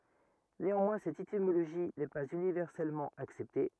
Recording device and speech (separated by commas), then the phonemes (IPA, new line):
rigid in-ear microphone, read sentence
neɑ̃mwɛ̃ sɛt etimoloʒi nɛ paz ynivɛʁsɛlmɑ̃ aksɛpte